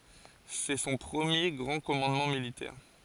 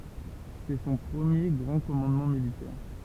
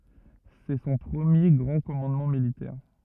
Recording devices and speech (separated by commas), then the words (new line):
forehead accelerometer, temple vibration pickup, rigid in-ear microphone, read sentence
C'est son premier grand commandement militaire.